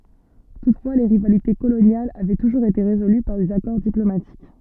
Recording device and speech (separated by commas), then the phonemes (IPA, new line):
soft in-ear microphone, read sentence
tutfwa le ʁivalite kolonjalz avɛ tuʒuʁz ete ʁezoly paʁ dez akɔʁ diplomatik